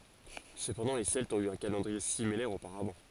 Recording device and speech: forehead accelerometer, read sentence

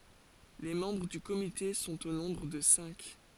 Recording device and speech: forehead accelerometer, read sentence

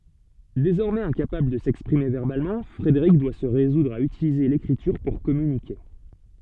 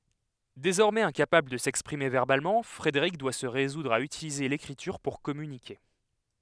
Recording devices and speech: soft in-ear microphone, headset microphone, read sentence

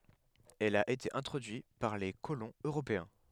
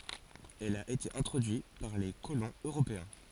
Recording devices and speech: headset microphone, forehead accelerometer, read sentence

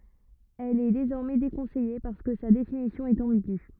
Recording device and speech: rigid in-ear microphone, read sentence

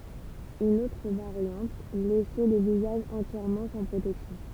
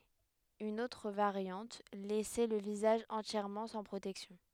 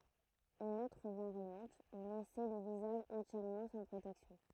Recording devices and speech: temple vibration pickup, headset microphone, throat microphone, read sentence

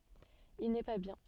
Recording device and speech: soft in-ear microphone, read sentence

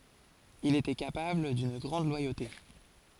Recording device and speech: forehead accelerometer, read sentence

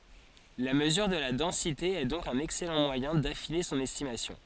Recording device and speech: forehead accelerometer, read sentence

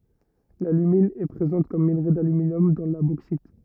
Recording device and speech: rigid in-ear microphone, read sentence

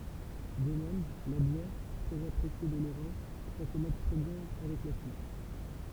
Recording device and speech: temple vibration pickup, read sentence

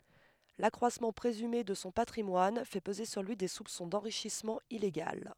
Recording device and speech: headset microphone, read sentence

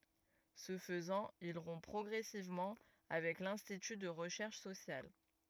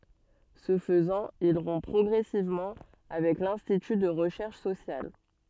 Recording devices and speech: rigid in-ear microphone, soft in-ear microphone, read sentence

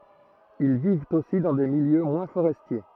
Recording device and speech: throat microphone, read sentence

